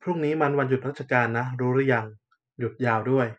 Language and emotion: Thai, neutral